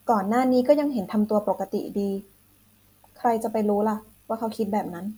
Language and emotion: Thai, neutral